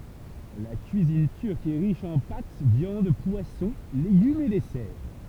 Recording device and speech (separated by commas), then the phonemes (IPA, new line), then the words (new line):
temple vibration pickup, read sentence
la kyizin tyʁk ɛ ʁiʃ ɑ̃ pat vjɑ̃d pwasɔ̃ leɡymz e dɛsɛʁ
La cuisine turque est riche en pâtes, viandes, poissons, légumes et desserts.